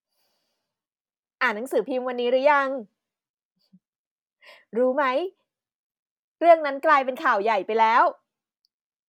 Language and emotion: Thai, happy